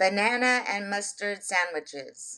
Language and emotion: English, neutral